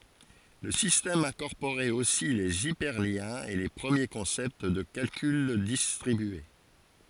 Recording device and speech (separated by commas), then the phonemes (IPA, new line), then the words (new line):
forehead accelerometer, read sentence
lə sistɛm ɛ̃kɔʁpoʁɛt osi lez ipɛʁljɛ̃z e le pʁəmje kɔ̃sɛpt də kalkyl distʁibye
Le système incorporait aussi les hyperliens et les premiers concepts de calcul distribué.